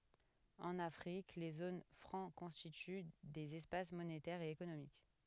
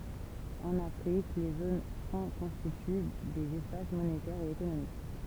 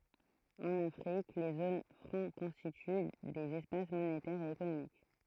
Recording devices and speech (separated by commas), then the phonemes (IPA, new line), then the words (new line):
headset microphone, temple vibration pickup, throat microphone, read sentence
ɑ̃n afʁik le zon fʁɑ̃ kɔ̃stity dez ɛspas monetɛʁz e ekonomik
En Afrique, les zones franc constituent des espaces monétaires et économiques.